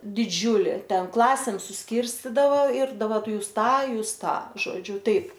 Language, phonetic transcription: Lithuanian, diˈdžiūli ˈten ˈklasėm susˈkirstydava ir daˈbar ˈtu ˈjūs ˈtą ˈjūs ˈtą žoˈdžiu ˈtaip

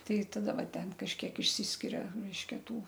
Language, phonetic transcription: Lithuanian, ˈtai taˈda ˈva ˈten kažˈkiek išˈsyskiria ˈreiškia ˈtų

